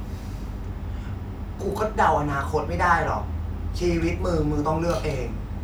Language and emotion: Thai, frustrated